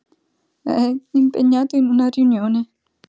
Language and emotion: Italian, fearful